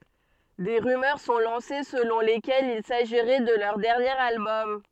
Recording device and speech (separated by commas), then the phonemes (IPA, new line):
soft in-ear microphone, read sentence
de ʁymœʁ sɔ̃ lɑ̃se səlɔ̃ lekɛlz il saʒiʁɛ də lœʁ dɛʁnjeʁ albɔm